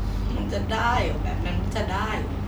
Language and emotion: Thai, frustrated